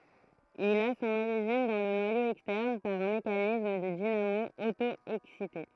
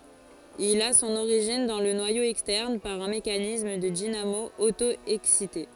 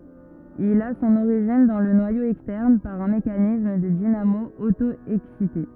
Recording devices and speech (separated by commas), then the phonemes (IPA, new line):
throat microphone, forehead accelerometer, rigid in-ear microphone, read sentence
il a sɔ̃n oʁiʒin dɑ̃ lə nwajo ɛkstɛʁn paʁ œ̃ mekanism də dinamo oto ɛksite